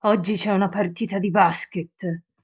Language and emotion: Italian, angry